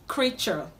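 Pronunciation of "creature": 'Creature' is pronounced correctly here.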